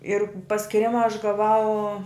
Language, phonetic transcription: Lithuanian, ir paskiˈrima aš gaˈvau

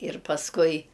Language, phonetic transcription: Lithuanian, ir pasˈkui

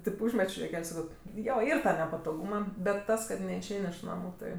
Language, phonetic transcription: Lithuanian, tėp ˈūžmečio juoˈkel' ˈsako ˈjo ˈyr ˈtą nepatoˈgūma bet ˈtas kad neišˈein' iš ˈnamu ˈtai

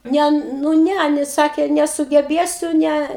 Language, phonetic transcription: Lithuanian, ˈne nu ˈne iˈnai ˈsakė nesugeˈbėsiu ˈne

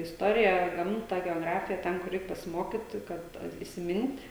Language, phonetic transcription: Lithuanian, isˈtoriją ˈgamta geoˈgrafija ˈten kur ˈreik pasiˈmokit kad isiˈmint'

